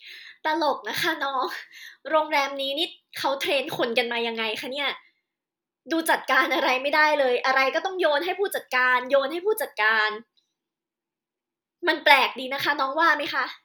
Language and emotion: Thai, frustrated